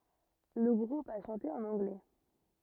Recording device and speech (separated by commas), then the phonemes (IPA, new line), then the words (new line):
rigid in-ear microphone, read sentence
lə ɡʁup a ʃɑ̃te ɑ̃n ɑ̃ɡlɛ
Le groupe a chanté en anglais.